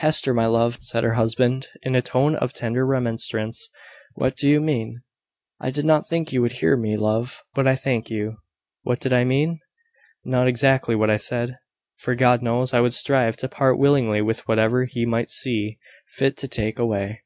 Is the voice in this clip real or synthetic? real